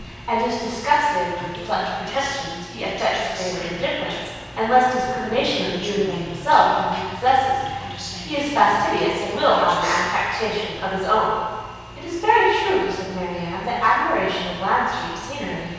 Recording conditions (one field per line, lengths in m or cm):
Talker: one person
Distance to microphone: 7.1 m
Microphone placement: far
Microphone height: 1.7 m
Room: very reverberant, large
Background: television